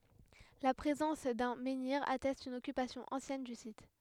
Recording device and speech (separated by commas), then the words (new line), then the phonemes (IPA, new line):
headset microphone, read sentence
La présence d'un menhir atteste une occupation ancienne du site.
la pʁezɑ̃s dœ̃ mɑ̃niʁ atɛst yn ɔkypasjɔ̃ ɑ̃sjɛn dy sit